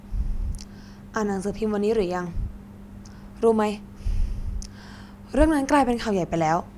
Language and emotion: Thai, frustrated